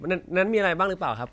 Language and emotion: Thai, neutral